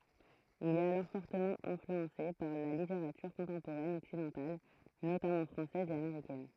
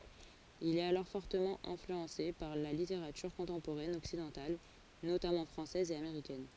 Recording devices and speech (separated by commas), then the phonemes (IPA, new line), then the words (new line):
throat microphone, forehead accelerometer, read sentence
il ɛt alɔʁ fɔʁtəmɑ̃ ɛ̃flyɑ̃se paʁ la liteʁatyʁ kɔ̃tɑ̃poʁɛn ɔksidɑ̃tal notamɑ̃ fʁɑ̃sɛz e ameʁikɛn
Il est alors fortement influencé par la littérature contemporaine occidentale, notamment française et américaine.